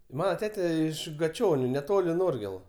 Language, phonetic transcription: Lithuanian, ˈmana ˈtete ˈiš gaˈčioniu neˈtoli ˈnorgėlu

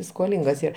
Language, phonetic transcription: Lithuanian, skoˈlingas ˈyr

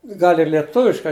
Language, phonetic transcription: Lithuanian, ˈgal' ir lieˈtuviškai

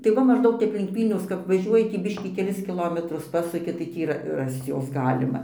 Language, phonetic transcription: Lithuanian, tai ˈva mažˈdaug ˈtep link ˈvylniaus kap vaˈžiuoji tį ˈbiškį keˈlis kiˈlometrus ˈpasuki tai ˈtį yˈra ˈrasc ˈjos ˈgalima

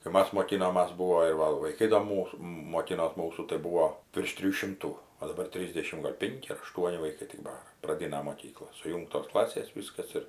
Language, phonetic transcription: Lithuanian, kai ˈmas moˈkinomas ˈbūvo ir ˈva vaiˈkai do ˈmūs moˈkinos ˈmūsu tai ˈbūvo virš ˈtrijų ˈšimtų o daˈbar ˈtrysdešim gal' ˈpinki ar aˈštuoni vaiˈkai tik ˈbara praˈdina moˈkykla suˈjūngtos ˈklasės ˈvyskas ir

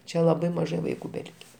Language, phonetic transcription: Lithuanian, ˈčia laˈbai maˈžai vaiˈkų beˈlike

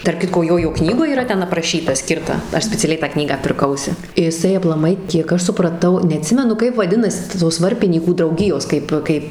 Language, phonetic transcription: Lithuanian, tarp ˈkitko ˈjojo ˈknygoj yˈra ˈten apraˈšyta ˈskirta ˈaš speciaˈliai tą ˈknygą pirˈkausi iˈsai aplaˈmai kiek ˈaš supraˈtau neaˈtsimenu ˈkaip vaˈdinasi ta ˈtos ˈvarpinykų drauˈgijos ˈkaip ˈkaip

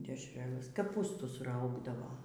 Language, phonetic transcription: Lithuanian, dešˈrelɘs kaˈpūstusˈraugdavo

